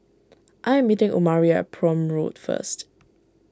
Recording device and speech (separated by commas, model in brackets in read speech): standing microphone (AKG C214), read sentence